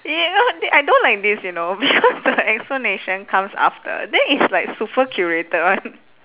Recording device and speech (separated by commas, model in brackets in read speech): telephone, conversation in separate rooms